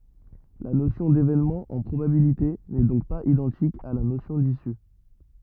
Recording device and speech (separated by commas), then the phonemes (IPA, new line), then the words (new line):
rigid in-ear microphone, read sentence
la nosjɔ̃ devenmɑ̃ ɑ̃ pʁobabilite nɛ dɔ̃k paz idɑ̃tik a la nosjɔ̃ disy
La notion d'événement en probabilités n'est donc pas identique à la notion d'issue.